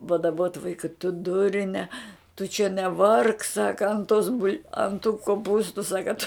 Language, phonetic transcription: Lithuanian, padaˈbot ˈvaika tu ˈdurne tu čia neˈvark ˈsaka ant tos bul' an tų koˈpūstu ˈsaka tu

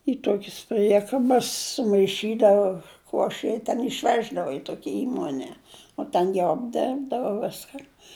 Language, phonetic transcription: Lithuanian, i ˈtuokis ˈpriekabas sumaiˈšydava ˈkuoše i ten išˈveždava i ˈtuokia ˈįmone o ˈten jau apˈderbdava ˈviskan

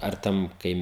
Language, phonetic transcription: Lithuanian, ar ˈten ˈkai

